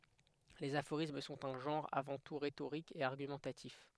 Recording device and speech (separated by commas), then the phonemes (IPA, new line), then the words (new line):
headset microphone, read sentence
lez afoʁism sɔ̃t œ̃ ʒɑ̃ʁ avɑ̃ tu ʁetoʁik e aʁɡymɑ̃tatif
Les aphorismes sont un genre avant tout rhétorique et argumentatif.